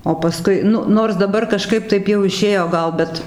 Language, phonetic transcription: Lithuanian, o paˈskui ˈnu ˈnors daˈbar kaˈžkaip ˈtaip jau iˈšėjo ˈgal ˈbet

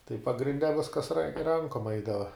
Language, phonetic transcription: Lithuanian, tai pagrinˈde ˈviskas ran' ˈrankom ˈaidava

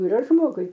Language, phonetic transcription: Lithuanian, yˈra ˈžmogui

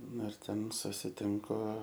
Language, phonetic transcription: Lithuanian, ˈnu ir ˈten susiˈtinku

